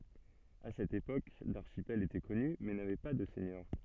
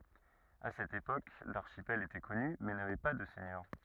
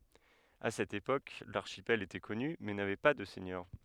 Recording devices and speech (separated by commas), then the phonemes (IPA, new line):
soft in-ear microphone, rigid in-ear microphone, headset microphone, read sentence
a sɛt epok laʁʃipɛl etɛ kɔny mɛ navɛ pa də sɛɲœʁ